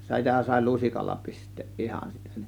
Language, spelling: Finnish, sitä sai lusikalla pistää ihan sitten
- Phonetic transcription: 'sitä sàė "lusikalla 'pi̬st̆teeˀ 'ˀihan sit(tä) .

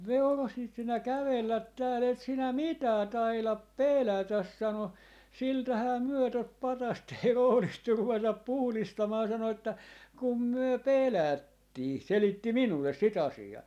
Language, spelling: Finnish, veurosit sinä kävellä täällä et sinä mitään taida pelätä sanoi siltähän me tuota patsasta ei rohdittu ruveta puhdistamaan sanoi että kun me pelättiin selitti minulle sitä asiaa
- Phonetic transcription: » "veurosit 'sinä "kävellät 'tääl 'et 'sinä "mitää 'tailap "pèlätäs » 'sano , » 'siltähää 'myö tot "patast 'ei 'rohlittur 'ruvetap "puhlistamaa » sano että , » 'kum 'myö "pèlättii » , selitti "minulles 'si't ‿asi₍aa .

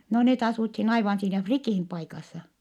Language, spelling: Finnish, no ne asuttiin aivan siinä Frikin paikassa
- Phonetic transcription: no net asuthin aivan siinä Frikìm paikassa .

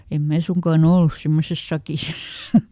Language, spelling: Finnish, en minä suinkaan ollut semmoisessa sakissa
- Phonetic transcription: em ˈmää ˈsuŋkaa"n ‿ollus ˈsemmoses "sakis !

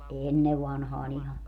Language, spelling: Finnish, ennen vanhaan ihan
- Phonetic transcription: "ʼennev vanhaa'n ‿iha .

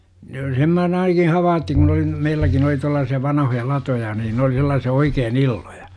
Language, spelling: Finnish, jo sen minä olen ainakin havainnut kun oli meilläkin oli tuollaisia vanhoja latoja niin ne oli sellaisia oikein illoja
- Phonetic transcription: jo 'sem mä oon ainaki "havaattiŋ kun ‿oli , 'meilläkin ‿oli tuallaasi₍a 'vanahoja 'latoja niin n ‿oli sel̆laasi₍a 'oikeen "illoJA .

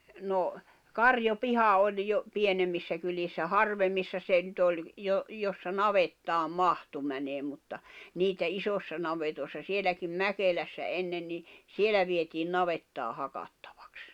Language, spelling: Finnish, no karjapiha oli jo pienemmissä kylissä harvemmissa se nyt oli - jossa navettaan mahtui menemään mutta niitä isoissa navetoissa sielläkin Mäkelässä ennen niin siellä vietiin navettaa hakattavaksi
- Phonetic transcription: no , "karjo'piha oĺ jo , 'pienemmissä kylissä "harvemmissa 'se nʸt ‿oĺ , jo- , jossa "navettaam "mahtu mäneem mutta , 'niitä 'isossa navetòi̬ssa 'sieläkim "Mäkelässä 'ennen ni , 'sielä vietiin "navettaa 'hakattᴀᴠᴀks .

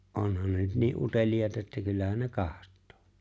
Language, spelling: Finnish, onhan ne nyt niin uteliaita että kyllähän ne katsoo
- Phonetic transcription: '’onhan ne nyt 'nii’ '’utelijàeta että 'kyllähän 'ne "kaht̆tᴏᴏ .

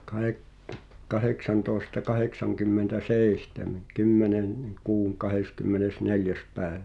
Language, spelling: Finnish, - kahdeksantoista kahdeksankymmentäseitsemän - kymmenennen kuun kahdeskymmenesneljäs päivä
- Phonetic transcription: kahek- , 'kaheksantòesta 'kaheksaŋkymmentä"sèi̬htemen̆ , 'kymmenen- , -neŋ 'kuuŋ 'kaheskymmenes"neljäs 'pä̀eᴠᴀ̈ .

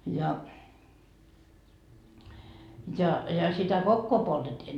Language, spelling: Finnish, ja ja sitä kokkoa poltettiin
- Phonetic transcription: ja , ja sitä kokkoo 'poltetti .

